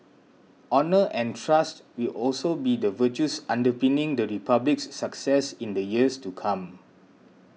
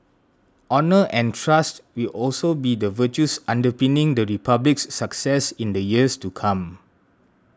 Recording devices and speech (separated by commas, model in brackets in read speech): mobile phone (iPhone 6), standing microphone (AKG C214), read sentence